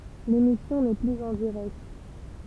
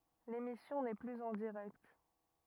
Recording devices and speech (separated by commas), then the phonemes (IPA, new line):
temple vibration pickup, rigid in-ear microphone, read sentence
lemisjɔ̃ nɛ plyz ɑ̃ diʁɛkt